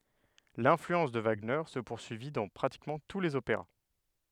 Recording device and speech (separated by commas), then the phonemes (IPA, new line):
headset microphone, read sentence
lɛ̃flyɑ̃s də vaɡnɛʁ sə puʁsyivi dɑ̃ pʁatikmɑ̃ tu lez opeʁa